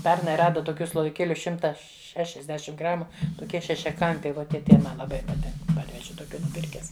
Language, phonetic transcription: Lithuanian, ˈpernai ˈrada toˈkių sloviˈkėliu ˈšimta šešiasˈdešim ˈgramu toˈkie šešiaˈkampiai ˈvo tie ˈtai ˈma laˈbai paˈtink ˈparveži toˈkių nuˈpirkes

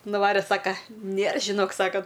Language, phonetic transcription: Lithuanian, nuˈvarė ˈsaka ˈnėr žiˈnok ˈsaka

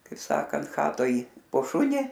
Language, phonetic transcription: Lithuanian, kaip ˈsakant ˈchatoj po ˈšuni

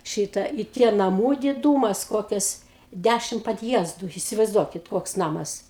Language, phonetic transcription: Lithuanian, ˈšyta į ˈtie naˈmų diˈdūmas ˈkokias ˈdæšimt padˈjiezdu isivaizˈduokit ˈkoks ˈnamas

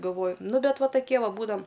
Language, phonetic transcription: Lithuanian, galˈvoju ˈnu ˈ bet ˈva taˈkie ˈva ˈbūdam

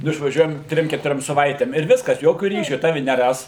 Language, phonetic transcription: Lithuanian, nu išvaˈžiuojam ˈtrim ketuˈriom saˈvaitėm ir ˈviskas ˈjokiu ˈryšiu ˈtavi neˈras

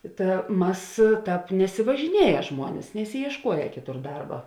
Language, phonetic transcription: Lithuanian, ˈta ˈmas ˈtāp nesivažiˈnieja ˈžmuonis nesijiešˈkuoja ˈkiˌtur ˈdarba

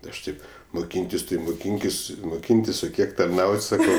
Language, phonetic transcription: Lithuanian, ˈaš ˈtaip muˈkyntis tai muˈkynkis muˈkyntis o ˈkiek tarˈnaut' saˈkau

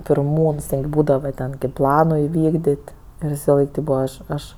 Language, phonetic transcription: Lithuanian, pirˈmūns visalaik ˈbūdava ten kaip ˈplano iˈvykdit' ir visaˈlaik tėp ˈbūva ˈaš ˈaš

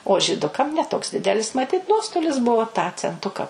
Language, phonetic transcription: Lithuanian, o žyˈdukam ne toks ˈdidelis maˈtit ˈnuostolis ˈbuvo tą cenˈtuka

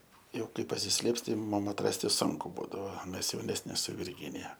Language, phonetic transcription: Lithuanian, ˈjau ˈkai pasisˈlėps ˈtai ˈmum ˈman atˈrasti ˈsunku ˈbūdavo ˈmes jauˈnesni su virˈginija

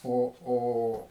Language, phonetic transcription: Lithuanian, ˈo ˈo

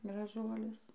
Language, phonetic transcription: Lithuanian, graˈžuolius

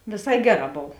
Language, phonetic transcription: Lithuanian, vėˈsai ˈgeˌrā ˈbov

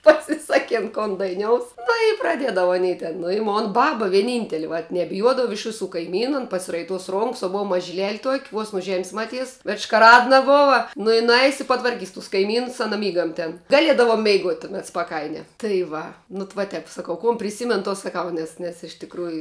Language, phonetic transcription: Lithuanian, pasiˈsakėn kon daiˈnious nu i praˈdiedava aˈny ten nu i ˈmon ˈbaba vieˈnynteli va nebiˈjuodava iš ˈvisų kaiˈmynu an pasiraiˈtuos ˈronks o ˈbov mažiˈlel' tuok' vuos nu žem's' maˈtys veš škaˈradna ˈbova ˈnu i nuˈais it patvarˈkys tus kaiˈmynus aˈna ˈmygam ten gaˈliedava meiˈguot' tuˈmet spaˈkainia tai ˈva nu t va ˈtep saˈkau kon priˈsymen to saˈkau ˈnes nes iš tikˈrųju

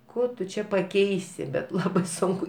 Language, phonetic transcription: Lithuanian, ˈko tu ˈčia paˈkeisi bet ˈlabai ˈsunku

